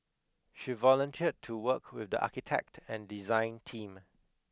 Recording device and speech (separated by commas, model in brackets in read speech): close-talking microphone (WH20), read sentence